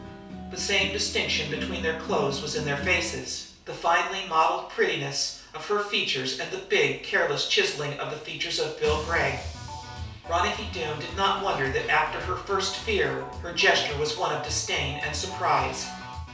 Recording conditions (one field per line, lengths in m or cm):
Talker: one person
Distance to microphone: 3.0 m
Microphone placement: far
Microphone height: 1.8 m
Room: small (3.7 m by 2.7 m)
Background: music